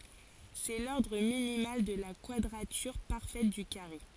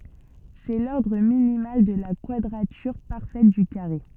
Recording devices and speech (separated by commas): forehead accelerometer, soft in-ear microphone, read sentence